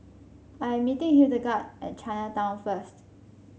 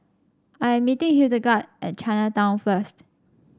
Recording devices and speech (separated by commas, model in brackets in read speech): mobile phone (Samsung C5), standing microphone (AKG C214), read sentence